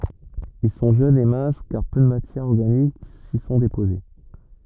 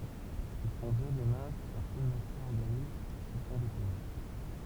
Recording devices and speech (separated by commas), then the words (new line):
rigid in-ear microphone, temple vibration pickup, read sentence
Ils sont jeunes et minces car peu de matières organiques s'y sont déposées.